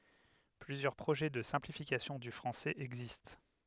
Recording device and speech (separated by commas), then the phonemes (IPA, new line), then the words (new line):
headset microphone, read sentence
plyzjœʁ pʁoʒɛ də sɛ̃plifikasjɔ̃ dy fʁɑ̃sɛz ɛɡzist
Plusieurs projets de simplifications du français existent.